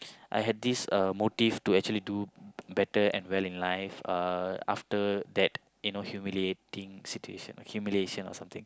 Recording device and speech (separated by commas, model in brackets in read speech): close-talking microphone, conversation in the same room